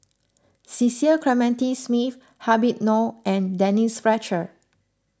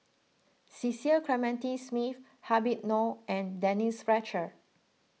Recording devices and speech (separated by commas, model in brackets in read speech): close-talking microphone (WH20), mobile phone (iPhone 6), read sentence